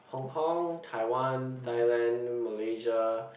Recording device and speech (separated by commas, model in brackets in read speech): boundary microphone, conversation in the same room